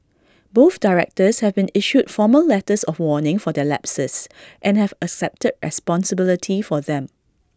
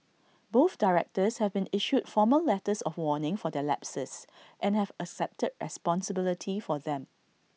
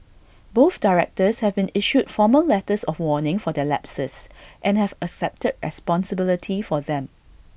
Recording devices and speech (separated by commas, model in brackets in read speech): standing microphone (AKG C214), mobile phone (iPhone 6), boundary microphone (BM630), read sentence